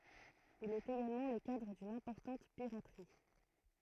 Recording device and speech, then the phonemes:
throat microphone, read sentence
il ɛt eɡalmɑ̃ lə kadʁ dyn ɛ̃pɔʁtɑ̃t piʁatʁi

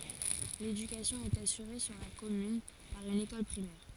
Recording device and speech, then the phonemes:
forehead accelerometer, read sentence
ledykasjɔ̃ ɛt asyʁe syʁ la kɔmyn paʁ yn ekɔl pʁimɛʁ

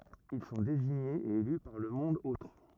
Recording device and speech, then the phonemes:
rigid in-ear microphone, read sentence
il sɔ̃ deziɲez e ely paʁ lə mɔ̃d otʁ

